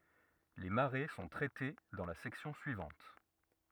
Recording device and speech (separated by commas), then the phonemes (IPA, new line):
rigid in-ear microphone, read sentence
le maʁe sɔ̃ tʁɛte dɑ̃ la sɛksjɔ̃ syivɑ̃t